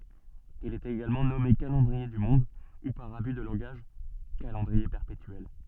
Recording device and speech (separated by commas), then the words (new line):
soft in-ear microphone, read sentence
Il est également nommé calendrier du Monde ou par abus de langage calendrier perpétuel.